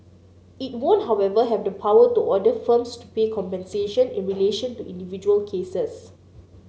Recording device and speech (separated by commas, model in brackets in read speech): mobile phone (Samsung C9), read sentence